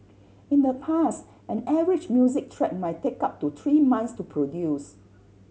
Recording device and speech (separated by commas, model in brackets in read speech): mobile phone (Samsung C7100), read sentence